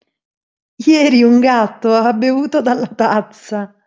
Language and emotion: Italian, happy